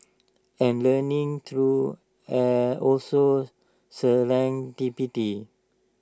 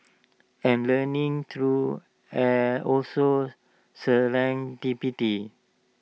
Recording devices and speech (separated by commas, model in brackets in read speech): standing microphone (AKG C214), mobile phone (iPhone 6), read sentence